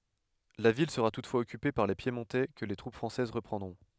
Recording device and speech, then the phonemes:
headset microphone, read sentence
la vil səʁa tutfwaz ɔkype paʁ le pjemɔ̃tɛ kə le tʁup fʁɑ̃sɛz ʁəpʁɑ̃dʁɔ̃

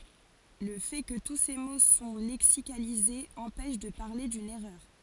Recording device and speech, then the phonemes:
forehead accelerometer, read sentence
lə fɛ kə tu se mo sɔ̃ lɛksikalizez ɑ̃pɛʃ də paʁle dyn ɛʁœʁ

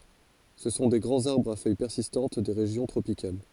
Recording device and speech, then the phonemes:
forehead accelerometer, read sentence
sə sɔ̃ de ɡʁɑ̃z aʁbʁz a fœj pɛʁsistɑ̃t de ʁeʒjɔ̃ tʁopikal

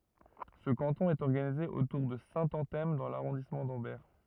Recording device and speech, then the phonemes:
rigid in-ear microphone, read sentence
sə kɑ̃tɔ̃ ɛt ɔʁɡanize otuʁ də sɛ̃tɑ̃tɛm dɑ̃ laʁɔ̃dismɑ̃ dɑ̃bɛʁ

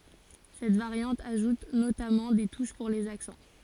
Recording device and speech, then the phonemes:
forehead accelerometer, read sentence
sɛt vaʁjɑ̃t aʒut notamɑ̃ de tuʃ puʁ lez aksɑ̃

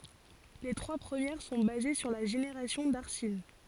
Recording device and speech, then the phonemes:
forehead accelerometer, read sentence
le tʁwa pʁəmjɛʁ sɔ̃ baze syʁ la ʒeneʁasjɔ̃ daʁsin

